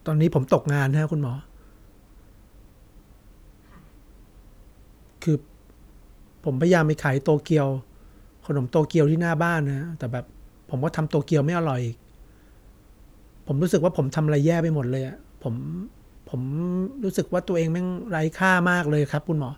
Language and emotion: Thai, sad